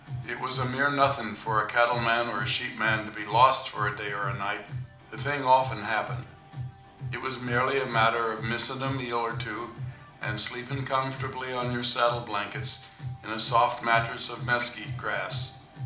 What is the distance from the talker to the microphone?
2.0 m.